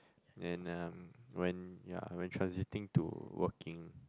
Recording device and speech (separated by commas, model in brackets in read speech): close-talking microphone, conversation in the same room